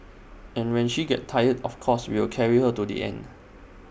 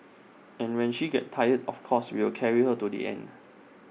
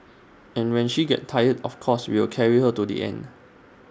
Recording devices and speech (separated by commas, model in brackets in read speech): boundary microphone (BM630), mobile phone (iPhone 6), standing microphone (AKG C214), read sentence